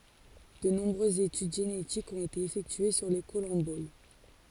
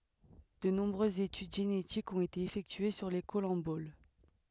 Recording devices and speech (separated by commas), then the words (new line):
forehead accelerometer, headset microphone, read sentence
De nombreuses études génétiques ont été effectuées sur les collemboles.